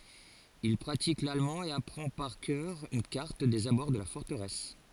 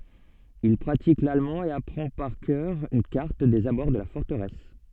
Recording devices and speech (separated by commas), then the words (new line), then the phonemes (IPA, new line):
forehead accelerometer, soft in-ear microphone, read sentence
Il pratique l'allemand et apprend par cœur une carte des abords de la forteresse.
il pʁatik lalmɑ̃ e apʁɑ̃ paʁ kœʁ yn kaʁt dez abɔʁ də la fɔʁtəʁɛs